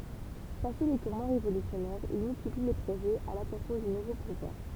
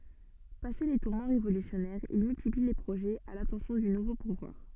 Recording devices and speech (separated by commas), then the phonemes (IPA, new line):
temple vibration pickup, soft in-ear microphone, read sentence
pase le tuʁmɑ̃ ʁevolysjɔnɛʁz il myltipli le pʁoʒɛz a latɑ̃sjɔ̃ dy nuvo puvwaʁ